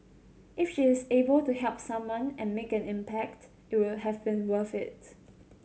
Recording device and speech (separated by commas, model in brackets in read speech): mobile phone (Samsung C7100), read sentence